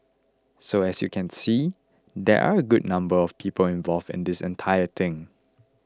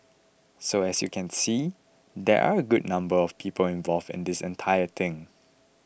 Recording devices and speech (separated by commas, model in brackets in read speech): close-talking microphone (WH20), boundary microphone (BM630), read sentence